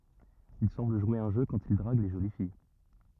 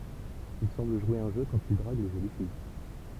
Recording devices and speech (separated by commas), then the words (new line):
rigid in-ear microphone, temple vibration pickup, read sentence
Il semble jouer un jeu quand il drague les jolies filles.